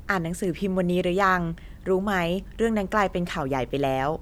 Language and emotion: Thai, neutral